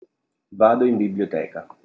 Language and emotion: Italian, neutral